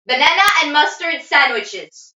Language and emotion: English, neutral